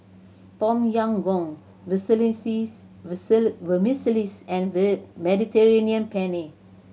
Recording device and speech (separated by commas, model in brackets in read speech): mobile phone (Samsung C7100), read sentence